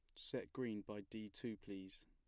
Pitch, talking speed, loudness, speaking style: 105 Hz, 195 wpm, -49 LUFS, plain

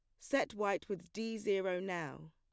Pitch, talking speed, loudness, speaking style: 195 Hz, 170 wpm, -38 LUFS, plain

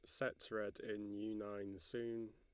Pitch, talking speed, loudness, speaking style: 105 Hz, 170 wpm, -46 LUFS, Lombard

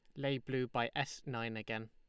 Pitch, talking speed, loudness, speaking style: 120 Hz, 215 wpm, -39 LUFS, Lombard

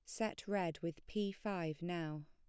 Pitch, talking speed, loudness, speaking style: 175 Hz, 175 wpm, -42 LUFS, plain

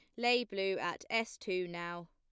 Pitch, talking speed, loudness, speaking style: 190 Hz, 190 wpm, -36 LUFS, plain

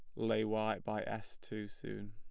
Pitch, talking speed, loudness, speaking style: 110 Hz, 190 wpm, -39 LUFS, plain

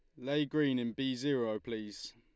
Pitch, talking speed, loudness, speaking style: 130 Hz, 185 wpm, -35 LUFS, Lombard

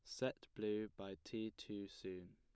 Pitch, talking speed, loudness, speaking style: 105 Hz, 165 wpm, -47 LUFS, plain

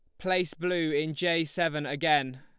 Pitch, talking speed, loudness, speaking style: 160 Hz, 165 wpm, -28 LUFS, Lombard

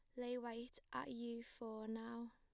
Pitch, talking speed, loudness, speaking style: 235 Hz, 170 wpm, -49 LUFS, plain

